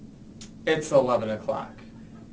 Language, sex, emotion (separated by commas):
English, male, neutral